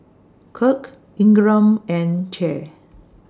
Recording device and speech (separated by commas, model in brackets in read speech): standing microphone (AKG C214), read sentence